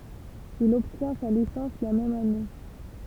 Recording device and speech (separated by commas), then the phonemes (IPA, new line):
temple vibration pickup, read sentence
il ɔbtjɛ̃ sa lisɑ̃s la mɛm ane